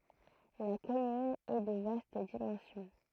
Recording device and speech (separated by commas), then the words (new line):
throat microphone, read sentence
La commune est de vaste dimension.